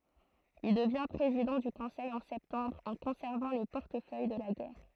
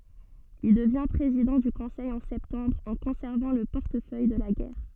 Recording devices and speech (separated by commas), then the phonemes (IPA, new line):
throat microphone, soft in-ear microphone, read sentence
il dəvjɛ̃ pʁezidɑ̃ dy kɔ̃sɛj ɑ̃ sɛptɑ̃bʁ ɑ̃ kɔ̃sɛʁvɑ̃ lə pɔʁtəfœj də la ɡɛʁ